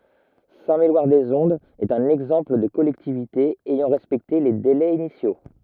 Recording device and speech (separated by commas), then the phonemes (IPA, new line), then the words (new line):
rigid in-ear microphone, read sentence
sɛ̃tmelwaʁdəzɔ̃dz ɛt œ̃n ɛɡzɑ̃pl də kɔlɛktivite ɛjɑ̃ ʁɛspɛkte le delɛz inisjo
Saint-Méloir-des-Ondes est un exemple de collectivité ayant respecté les délais initiaux.